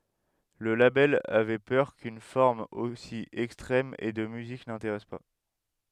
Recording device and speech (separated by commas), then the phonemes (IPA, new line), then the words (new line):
headset microphone, read sentence
lə labɛl avɛ pœʁ kyn fɔʁm osi ɛkstʁɛm e də myzik nɛ̃teʁɛs pa
Le label avait peur qu'une forme aussi extrême et de musique n'intéresse pas.